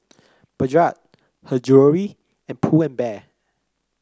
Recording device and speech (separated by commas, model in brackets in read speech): close-talking microphone (WH30), read sentence